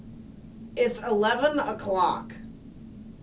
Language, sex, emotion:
English, female, disgusted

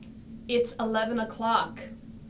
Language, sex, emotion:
English, female, disgusted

